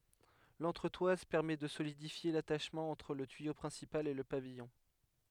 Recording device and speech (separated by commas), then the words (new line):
headset microphone, read sentence
L'entretoise permet de solidifier l'attachement entre le tuyau principal et le pavillon.